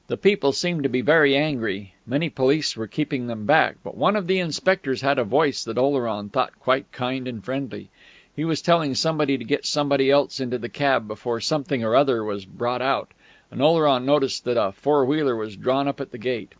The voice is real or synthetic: real